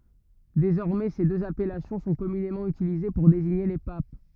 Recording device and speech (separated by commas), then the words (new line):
rigid in-ear microphone, read sentence
Désormais, ces deux appellations sont communément utilisées pour désigner les papes.